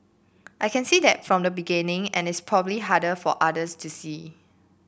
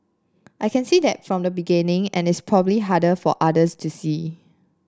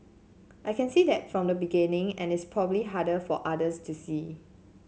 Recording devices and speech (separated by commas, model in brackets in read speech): boundary microphone (BM630), standing microphone (AKG C214), mobile phone (Samsung C7), read sentence